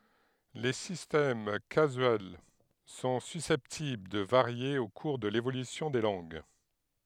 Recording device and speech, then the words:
headset microphone, read sentence
Les systèmes casuels sont susceptibles de varier au cours de l'évolution des langues.

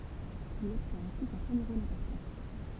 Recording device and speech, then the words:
temple vibration pickup, read sentence
Il obtient ainsi son premier rôle important.

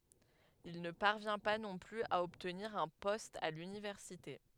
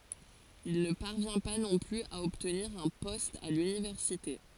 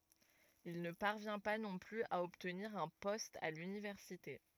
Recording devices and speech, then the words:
headset microphone, forehead accelerometer, rigid in-ear microphone, read sentence
Il ne parvient pas non plus à obtenir un poste à l'Université.

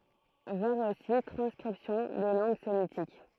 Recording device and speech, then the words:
throat microphone, read sentence
Voir aussi Transcription des langues sémitiques.

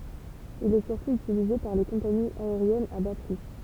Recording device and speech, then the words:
temple vibration pickup, read sentence
Il est surtout utilisé par les compagnies aériennes à bas prix.

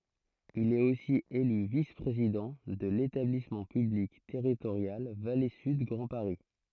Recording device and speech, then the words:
throat microphone, read sentence
Il est aussi élu vice-président de l'établissement public territorial Vallée Sud Grand Paris.

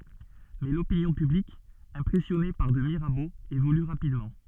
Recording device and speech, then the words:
soft in-ear microphone, read sentence
Mais l'opinion publique impressionnée par de Mirabeau évolue rapidement.

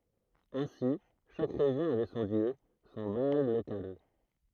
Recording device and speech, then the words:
throat microphone, read sentence
Ainsi, chaque région avait son dieu, son Baal local.

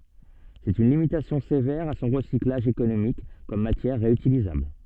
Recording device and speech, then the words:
soft in-ear microphone, read sentence
C'est une limitation sévère à son recyclage économique comme matière réutilisable.

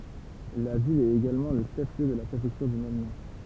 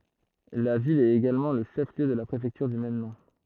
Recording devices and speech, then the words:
temple vibration pickup, throat microphone, read sentence
La ville est également le chef-lieu de la préfecture du même nom.

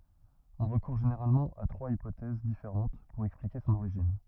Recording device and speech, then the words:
rigid in-ear microphone, read sentence
On recourt généralement à trois hypothèses différentes pour expliquer son origine.

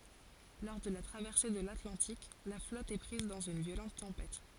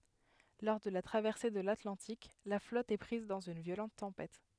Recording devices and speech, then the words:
forehead accelerometer, headset microphone, read sentence
Lors de la traversée de l'Atlantique, la flotte est prise dans une violente tempête.

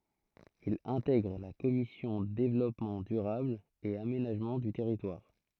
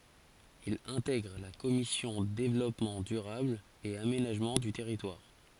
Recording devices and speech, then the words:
throat microphone, forehead accelerometer, read sentence
Il intègre la commission Développement durable et aménagement du territoire.

